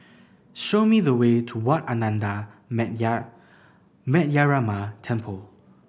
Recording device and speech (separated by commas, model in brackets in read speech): boundary microphone (BM630), read sentence